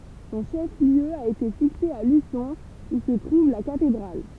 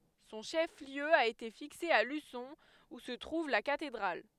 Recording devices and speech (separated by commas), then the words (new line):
temple vibration pickup, headset microphone, read sentence
Son chef-lieu a été fixé à Luçon, où se trouve la cathédrale.